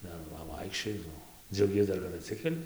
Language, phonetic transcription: Lithuanian, ˈdar ˈva ˈvaikščioji ˈnu dziauˈgies ˈdar kad atˈsikeli

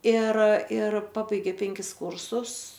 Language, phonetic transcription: Lithuanian, ˈir ˈir ˈpabaigė ˈpenkis ˈkūrsus

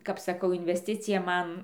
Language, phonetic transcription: Lithuanian, kap saˈkau invesˈticija ˈman

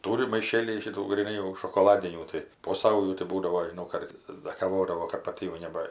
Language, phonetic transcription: Lithuanian, ˈtūri maiˈšėlyj šiˈtų gryˈnai jau šokoˈladinių ˈtai po ˈsaujų tai ˈbūdavo žiˈnau ˈkartais da kaˈvodavo kad paˈti jau ˈneba

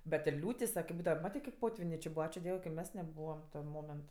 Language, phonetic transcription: Lithuanian, bet ir ˈliūtis va kip ˈbūdava ˈmatė kaip ˈpotvinė či ˈbua ˈačiu ˈdiev ka i ˈmes neˈbūvam ten ˈmoment

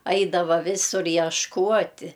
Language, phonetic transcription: Lithuanian, ˈaidava ˈvisur ješˈkuoti

